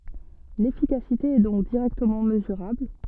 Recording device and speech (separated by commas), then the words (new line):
soft in-ear microphone, read sentence
L’efficacité est donc directement mesurable.